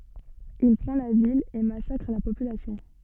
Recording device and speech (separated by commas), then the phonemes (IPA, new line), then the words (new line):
soft in-ear microphone, read sentence
il pʁɑ̃ la vil e masakʁ la popylasjɔ̃
Il prend la ville et massacre la population.